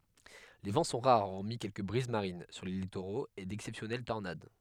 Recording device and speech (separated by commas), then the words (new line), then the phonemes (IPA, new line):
headset microphone, read sentence
Les vents sont rares hormis quelques brises marines sur les littoraux et d'exceptionnelles tornades.
le vɑ̃ sɔ̃ ʁaʁ ɔʁmi kɛlkə bʁiz maʁin syʁ le litoʁoz e dɛksɛpsjɔnɛl tɔʁnad